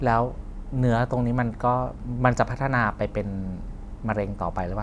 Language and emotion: Thai, neutral